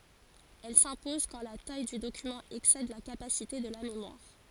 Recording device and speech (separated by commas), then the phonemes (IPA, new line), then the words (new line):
forehead accelerometer, read sentence
ɛl sɛ̃pɔz kɑ̃ la taj dy dokymɑ̃ ɛksɛd la kapasite də la memwaʁ
Elle s'impose quand la taille du document excède la capacité de la mémoire.